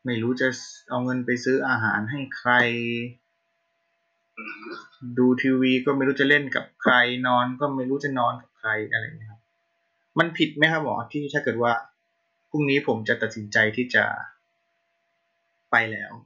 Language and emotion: Thai, frustrated